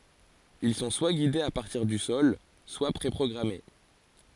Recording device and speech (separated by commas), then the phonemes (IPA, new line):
forehead accelerometer, read sentence
il sɔ̃ swa ɡidez a paʁtiʁ dy sɔl swa pʁe pʁɔɡʁame